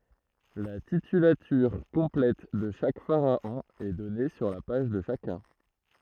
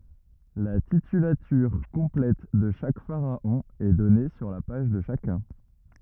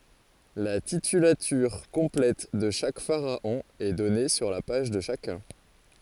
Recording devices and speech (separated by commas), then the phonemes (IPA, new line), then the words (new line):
throat microphone, rigid in-ear microphone, forehead accelerometer, read sentence
la titylatyʁ kɔ̃plɛt də ʃak faʁaɔ̃ ɛ dɔne syʁ la paʒ də ʃakœ̃
La titulature complète de chaque pharaon est donnée sur la page de chacun.